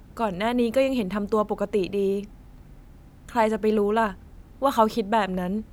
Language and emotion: Thai, frustrated